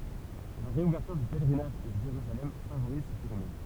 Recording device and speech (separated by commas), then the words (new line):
temple vibration pickup, read sentence
La réouverture du pèlerinage de Jérusalem favorise ce phénomène.